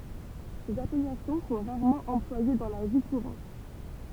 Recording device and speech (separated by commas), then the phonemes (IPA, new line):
temple vibration pickup, read sentence
sez apɛlasjɔ̃ sɔ̃ ʁaʁmɑ̃ ɑ̃plwaje dɑ̃ la vi kuʁɑ̃t